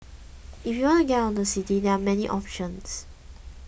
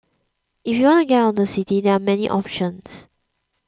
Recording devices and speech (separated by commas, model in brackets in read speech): boundary microphone (BM630), close-talking microphone (WH20), read sentence